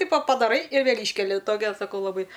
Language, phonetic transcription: Lithuanian, ˈtipo padaˈrai ir ˈvėl' ˈyškeli ˈtokia saˈkau laˈbai

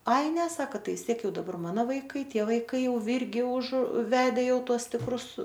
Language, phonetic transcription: Lithuanian, ˈai ne ˈsaka ˈtai vis ˈtiek ˈjau daˈbar ˈmano vaiˈkai ˈtie vaiˈkai jau ˈvirgi už ˈvede ˈjau ˈtuos tikˈrus

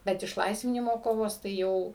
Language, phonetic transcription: Lithuanian, bet išˈlaisvinimo ˈkovos tai ˈjau

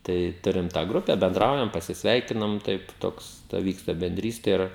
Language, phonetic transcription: Lithuanian, ˈtai ˈturim tą ˈgrupe benˈdraujam pasisˈveikinam ˈtaip ˈtoks ta ˈvyksta benˈdryste ˈir

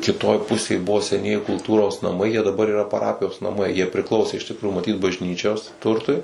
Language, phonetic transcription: Lithuanian, kiˈtoj ˈpusėj ˈbuvo seˈnieji kulˈtūros naˈmai jie daˈbar yˈra paˈrapijos naˈmai jie priˈklausė iš tikˈrųju maˈtyt bažˈnyčios ˈturtui

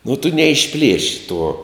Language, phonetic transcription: Lithuanian, nu tu neišˈplieši tuo

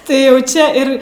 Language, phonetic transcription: Lithuanian, ˈtai jau ˈčia ir

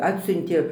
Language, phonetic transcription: Lithuanian, ˈatsiuntė

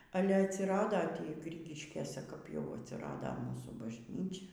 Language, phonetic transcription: Lithuanian, ˈale atsiˈrado tį ˈgrigiškėse kap jau atsiˈrada ˈmūsų bažˈnyčia

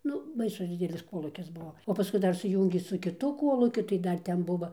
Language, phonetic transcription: Lithuanian, ˈnu ˈbaisus ˈdidelis ˈkolūkis ˈbuvo o paˈskui ˈdar suˈjūngė su kiˈtu ˈkolūkiu tai ˈdar ˈten ˈbuvo

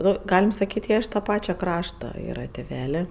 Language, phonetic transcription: Lithuanian, ˈnu ˈgalim saˈkyt' ˈjie iš ta ˈpačia ˈkrašta ˈyra tiˈvelė

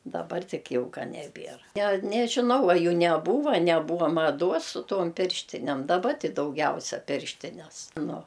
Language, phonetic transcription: Lithuanian, daˈbar ˈtik ˈjau ˈka neˈbier ne nežiˈnau a ˈjų neˈbūva neˈbūva maˈduos su ˈtuom ˈpirštinem daˈba ˈti dauˈgiausia ˈpirštines nu

